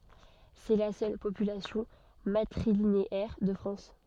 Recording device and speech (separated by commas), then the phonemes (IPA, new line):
soft in-ear microphone, read sentence
sɛ la sœl popylasjɔ̃ matʁilineɛʁ də fʁɑ̃s